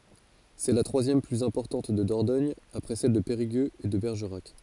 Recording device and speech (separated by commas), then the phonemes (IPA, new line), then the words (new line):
forehead accelerometer, read sentence
sɛ la tʁwazjɛm plyz ɛ̃pɔʁtɑ̃t də dɔʁdɔɲ apʁɛ sɛl də peʁiɡøz e də bɛʁʒəʁak
C'est la troisième plus importante de Dordogne après celles de Périgueux et de Bergerac.